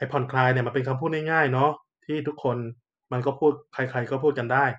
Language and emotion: Thai, neutral